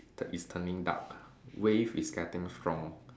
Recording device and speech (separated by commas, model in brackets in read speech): standing microphone, conversation in separate rooms